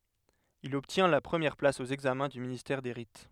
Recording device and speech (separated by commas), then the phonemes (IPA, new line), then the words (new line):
headset microphone, read sentence
il ɔbtjɛ̃ la pʁəmjɛʁ plas o ɛɡzamɛ̃ dy ministɛʁ de ʁit
Il obtient la première place au examens du ministère des Rites.